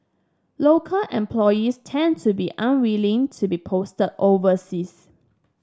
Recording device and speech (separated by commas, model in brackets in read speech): standing microphone (AKG C214), read sentence